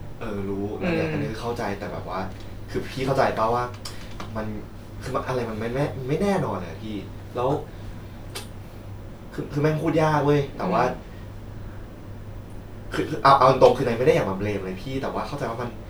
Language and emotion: Thai, frustrated